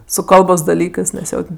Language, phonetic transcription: Lithuanian, su ˈkalbos daˈlykɜs nes ˈjo ten

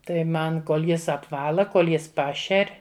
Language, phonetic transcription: Lithuanian, ˈtai ˈman ˈkol ˈjis apˈvala ˈkol ˈjis ˈpašer'

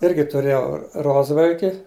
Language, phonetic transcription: Lithuanian, ˈirgi tuˈrėjau ˈrozvalki

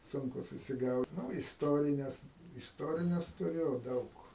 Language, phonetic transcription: Lithuanian, ˈsunku susiˈgaud ˈnu isˈtorines isˈtorines tuˈriu ˈdaug

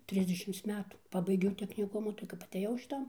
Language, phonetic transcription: Lithuanian, ˈtrisdešims ˈmetų ˈpabaigiau tekniˈkumu tai kap aˈtėjau šiˈtan

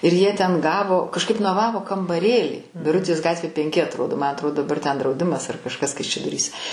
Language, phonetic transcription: Lithuanian, ir jie ten ˈgavo kažˈkaip noˈvavo kambaˈrėlį biˈrutės ˈgatvė penˈki atroˈdo ma atˈro daˈbar ten drauˈdimas ar kažˈkas kaišiadoˈryse

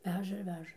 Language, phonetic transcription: Lithuanian, ˈveža ir ˈveža

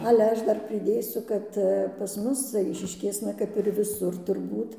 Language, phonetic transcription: Lithuanian, ˈale ˈaš ˈdar priˈdėsiu kad pas ˈmus ˈaišiškėsna kap ir viˈsur turˈbūt

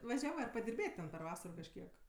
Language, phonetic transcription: Lithuanian, vaˈžiavɜ ar padirˈbėt' per ˈvasaro kažˈkiek

